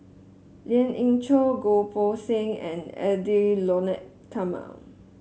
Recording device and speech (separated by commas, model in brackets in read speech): mobile phone (Samsung S8), read sentence